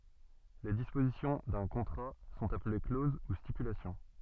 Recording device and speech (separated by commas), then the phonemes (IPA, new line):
soft in-ear microphone, read sentence
le dispozisjɔ̃ dœ̃ kɔ̃tʁa sɔ̃t aple kloz u stipylasjɔ̃